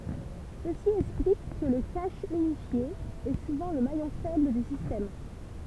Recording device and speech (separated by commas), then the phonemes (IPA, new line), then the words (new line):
temple vibration pickup, read sentence
səsi ɛksplik kə lə kaʃ ynifje ɛ suvɑ̃ lə majɔ̃ fɛbl dy sistɛm
Ceci explique que le cache unifié est souvent le maillon faible du système.